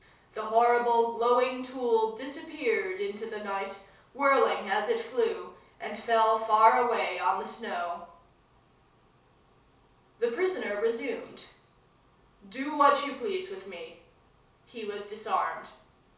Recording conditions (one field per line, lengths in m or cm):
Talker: one person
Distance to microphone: 3.0 m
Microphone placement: far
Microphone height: 1.8 m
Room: small (3.7 m by 2.7 m)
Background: none